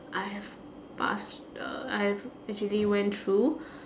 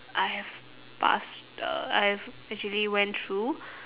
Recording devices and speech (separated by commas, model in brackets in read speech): standing microphone, telephone, conversation in separate rooms